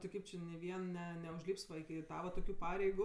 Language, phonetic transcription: Lithuanian, ti ˈkaip či ni ˈvien ˈne neužlyps ˈva iki ˈtava toˈkių ˈpareigu

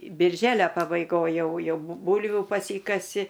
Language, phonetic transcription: Lithuanian, birˈželia pabaiˈgoj ˈjau ˈjau ˈbūlvių paˈsykasi

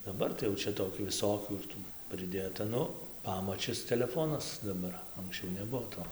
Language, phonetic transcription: Lithuanian, daˈbar tai jau ˈčia toˈkių viˈsokių ir ˈtų priˈdėta ˈnu ˈpamačis teleˈfonas daˈbar anksˈčiau neˈbuo ˈto

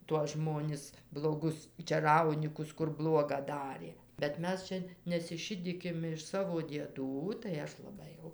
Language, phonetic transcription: Lithuanian, tuos ˈžmonis bloˈgus čeˈraunykus kur ˈbluoga ˈdarė bet ˈmes čia nesiˈšidykim iš ˈsavo dieˈdų tai ˈaš laˈbai jau

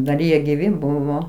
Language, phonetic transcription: Lithuanian, dar ˈjie giˈvi ˈbuvo

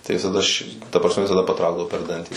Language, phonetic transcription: Lithuanian, tai visaˈda ši ta prasˈme visaˈda paˈtraukdavo per ˈdantį

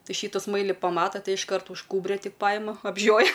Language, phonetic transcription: Lithuanian, ˈtai ˈšytu ˈsmaili paˈmata ˈtai išˈkart už ˈkūbrio ˈtik ˈpajima apˈžioja

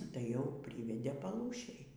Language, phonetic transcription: Lithuanian, tai jau ˈpryvedė paˈlūšėj

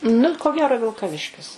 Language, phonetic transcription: Lithuanian, nu ko ˈgero vilkaˈviškis

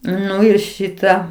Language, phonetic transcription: Lithuanian, ˈnu ir ˈšita

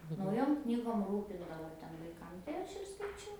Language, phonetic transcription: Lithuanian, nauˈjom ˈknygom ˈrūpindavo ˈten vaiˈkam tai ˈaš ir skaiˈčiau

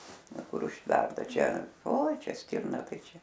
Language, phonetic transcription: Lithuanian, ˈva ˈkur užˈtverta ˈčia oi ˈčia ˈstirna ˈtai ˈčia

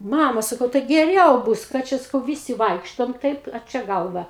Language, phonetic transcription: Lithuanian, ˈmama saˈkau tai geˈriau ˈbus ˈką čia saˈkau ˈvisi ˈvaikštom ˈtaip a ˈčia ˈgalva

